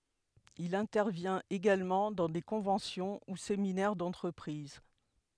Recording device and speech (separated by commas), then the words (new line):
headset microphone, read sentence
Il intervient également dans des conventions ou séminaires d'entreprises.